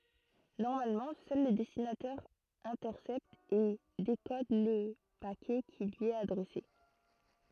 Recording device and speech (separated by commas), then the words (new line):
throat microphone, read sentence
Normalement, seul le destinataire intercepte et décode le paquet qui lui est adressé.